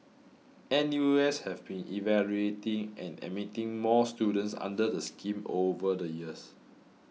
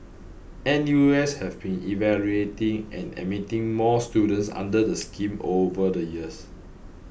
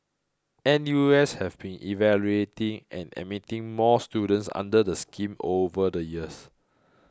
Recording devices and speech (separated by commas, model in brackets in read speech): mobile phone (iPhone 6), boundary microphone (BM630), close-talking microphone (WH20), read sentence